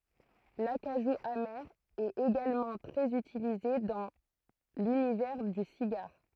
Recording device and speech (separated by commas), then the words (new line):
throat microphone, read sentence
L'acajou amer est également très utilisé dans l'univers du cigare.